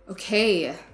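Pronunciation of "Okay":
'Okay' is said in an irritated tone.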